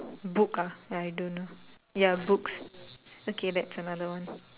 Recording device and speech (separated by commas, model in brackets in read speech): telephone, conversation in separate rooms